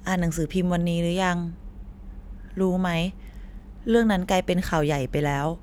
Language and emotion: Thai, frustrated